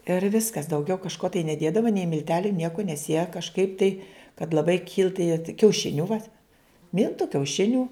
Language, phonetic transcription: Lithuanian, ir ˈviskas dauˈgiau kažˈko tai neˈdėdavo nei milˈteliu ˈnieko nes jie kažˈkaip tai kad laˈbai kilt tai jie kiauˈšiniu va ˈmiltu kiauˈšiniu

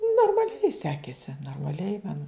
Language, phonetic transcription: Lithuanian, normaˈliai ˈsekėsi normaˈliai man

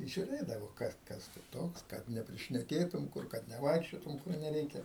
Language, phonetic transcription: Lithuanian, žiuˈrėdavo ˈkas ˈkas tu ˈtoks kad neprišneˈkėtum ˈkur kad neˈvaikščiotum kur neˈreikia

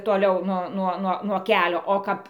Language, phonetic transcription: Lithuanian, toˈliau ˈnuo ˈnuo nuo ˈkelio o ˈkap

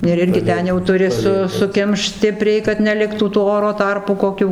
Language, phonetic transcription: Lithuanian, ir ˈirgi ˈten jau tuˈri su suˈkimšt ˈstipriai kad neˈliktų tų ˈoro ˈtarpų koˈkių

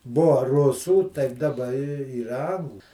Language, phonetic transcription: Lithuanian, ˈbua ˈrusų taip daˈba i ˈyra ˈanglu

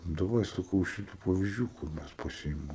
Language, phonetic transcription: Lithuanian, daˈvai saˈkau ˈšitu pavizˈdžių kur ˈmæs paˈsiimam

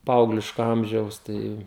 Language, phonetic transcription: Lithuanian, ˈpaaugliško ˈamžiaus ˈtai

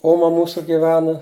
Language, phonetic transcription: Lithuanian, ˈoma ˈmūsu giˈvena

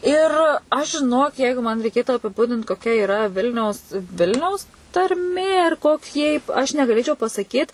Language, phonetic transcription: Lithuanian, ˈir ˈaš žiˈnok ˈjeigu man reiˈkėtu apiˈbudint koˈkia iˈra ˈvilniaus ˈvilniaus tarˈmė ir koˈkie yp aš negaˈlėčiau pasaˈkyt

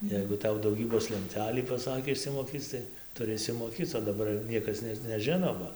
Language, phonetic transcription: Lithuanian, ˈjeigu ˈtau dauˈgybos lenˈtelį paˈsakė išsimoˈkyc tai tuˈri išsimoˈkyc o daˈbar ˈniekas net neˈžino ˈba

